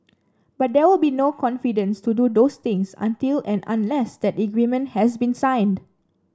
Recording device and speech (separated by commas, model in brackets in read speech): standing microphone (AKG C214), read sentence